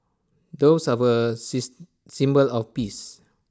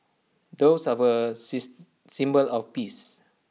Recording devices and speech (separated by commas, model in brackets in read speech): standing microphone (AKG C214), mobile phone (iPhone 6), read sentence